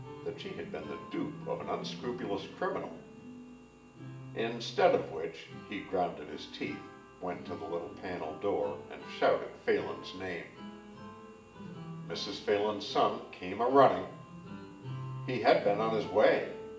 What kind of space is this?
A large space.